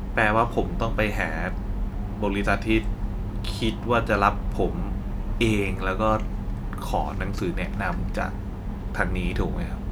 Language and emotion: Thai, frustrated